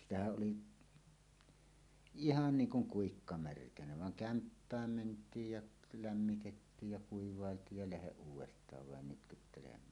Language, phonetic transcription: Finnish, 'sitähäˀ 'ˀoli , "ihan "niiŋ 'kuŋ "kuikka "märkänä vaŋ 'kämppääm ment̀iij jaˀ , 'lämmitettiij ja kuiv̀àelt̀iij ja 'läheˀ 'ˀuuw̆west̀aav vàen "nytkyttelem̀ään .
- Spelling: sitähän oli ihan niin kuin kuikka märkänä vaan kämppään mentiin ja lämmitettiin ja kuivailtiin ja lähde uudestaan vain nytkyttelemään

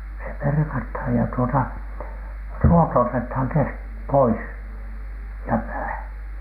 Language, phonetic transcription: Finnish, se "perkatha ‿ja tuota , "ruoto otethaŋ kesk- , "pois , ja 'pää .
- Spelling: se perataan ja tuota ruoto otetaan - pois ja pää

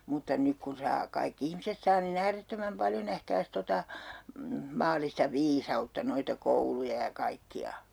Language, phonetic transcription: Finnish, mutta 'nyk kun̬ saa , 'kaik'k ‿ihmiset saa ni'n ‿äärettömäm "paljo nähkääs 'tota , 'maal̆lista "viisa₍utta noita 'kouluja ja 'kaikki₍a .
- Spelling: mutta nyt kun saa kaikki ihmiset saa niin äärettömän paljon nähkääs tuota maallista viisautta noita kouluja ja kaikkia

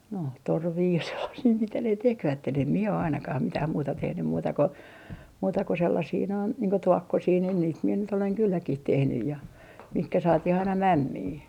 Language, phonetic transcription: Finnish, no , 'torvii ja sellasii mitä ne 'tekvätten em 'mie o ainakah 'mitäh 'muuta 'tehnym muuta ko , muuta ko sellasii noin , niiŋ ko "tuokkosii nin niit mie nyt oleŋ 'kylläkih 'tehnyj ja , 'mihkä 'saatih aina "mämmii .
- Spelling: no torvia ja sellaisia mitä ne tekivät en minä ole ainakaan mitään muuta tehnyt muuta kuin muuta kuin sellaisia noin niin kuin tuokkosia niin niitä minä nyt olen kylläkin tehnyt ja mihin saatiin aina mämmiä

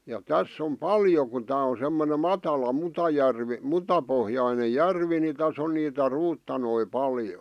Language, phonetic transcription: Finnish, ja "täss ‿om "paljo ku 'tää o semmone 'matala 'mutajärvi , 'mutapohjaine "järvi ni 'täs ‿on niitä 'ruuttanoi "paljo .
- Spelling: ja tässä on paljon kun tämä on semmoinen matala mutajärvi mutapohjainen järvi niin tässä on niitä ruutanoita paljon

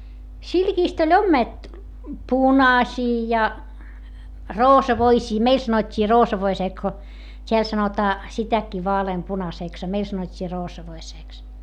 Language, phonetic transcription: Finnish, silkiist ‿oĺ ommet- , punaśii ja , roosavoisii - meil sanot́t́ii roosavoisee ko , t́eäl sanotaa , sitäkkii vaaleempunasèks a meil sanot́t́ii roosavoiseeks .
- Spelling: silkistä oli - punaisia ja roosavoisia meille sanottiin roosavoisia kun täällä sanotaan sitäkin vaaleanpunaiseksi a meillä sanottiin roosavoiseksi

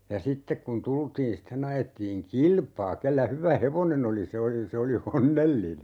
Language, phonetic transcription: Finnish, ja "sittek kun 'tultiin 'sitten ‿ajettiiŋ "kilpaa 'kellä 'hyvä "hevonen ‿oli 'se oli 'se oli "onnelline .
- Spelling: ja sitten kun tultiin sitten ajettiin kilpaa kenellä hyvä hevonen oli se oli se oli onnellinen

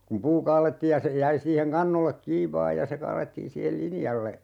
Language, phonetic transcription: Finnish, kum "puu 'kaalettiij ja se 'jäi siiheŋ 'kannollek "kiiv 'vaa ja se 'kaalettii 'siihel "linjalle .
- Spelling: kun puu kaadettiin ja se jäi siihen kannolle kiinni vain ja se kaadettiin siihen linjalle

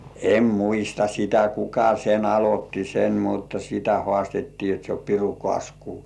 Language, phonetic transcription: Finnish, em muista 'sitä "kuka sen 'alot́ti sen mutta 'sitä "hŏàstettii jot se o 'piru "kŏ§àsku .
- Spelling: en muista sitä kuka sen aloitti sen mutta sitä haastettiin jotta se on pirun kasku

